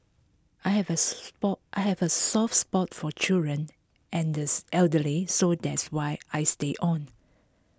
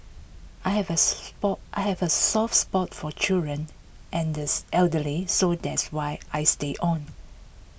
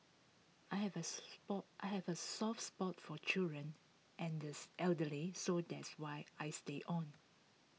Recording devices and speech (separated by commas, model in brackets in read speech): close-talking microphone (WH20), boundary microphone (BM630), mobile phone (iPhone 6), read sentence